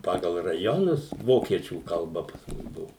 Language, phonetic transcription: Lithuanian, ˈpagal raˈjonus ˈvokiečių kalˈba pas ˈmus ˈbuvu

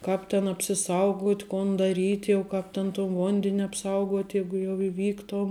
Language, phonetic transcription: Lithuanian, ˈkāp ten apsiˈsauguot' ˈkon daˈryt' jau ˈkāp ten ton ˈvonden' apˈsauguot' ˈjeigu jau iˈvyktuom

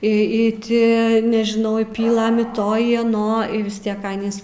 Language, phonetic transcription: Lithuanian, i i ˈti nežiˈnau i ˈpylɘm i ˈto i aˈno y vis ˈtiek ˈanys

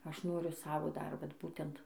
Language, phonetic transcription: Lithuanian, ˈaš ˈnoriu ˈsavo ˈdar ˈvat ˈbūtent

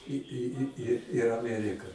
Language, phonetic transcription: Lithuanian, i i i i ir aˈmerika

